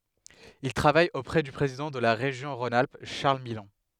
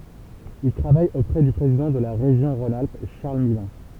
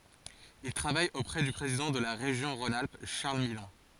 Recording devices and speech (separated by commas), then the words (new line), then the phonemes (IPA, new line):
headset microphone, temple vibration pickup, forehead accelerometer, read sentence
Il travaille auprès du président de la région Rhône-Alpes, Charles Millon.
il tʁavaj opʁɛ dy pʁezidɑ̃ də la ʁeʒjɔ̃ ʁɔ̃n alp ʃaʁl milɔ̃